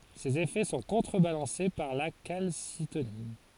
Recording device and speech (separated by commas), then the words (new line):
forehead accelerometer, read sentence
Ses effets sont contrebalancés par la calcitonine.